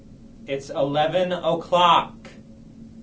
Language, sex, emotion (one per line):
English
male
angry